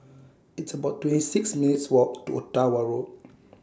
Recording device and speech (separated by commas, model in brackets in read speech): standing microphone (AKG C214), read sentence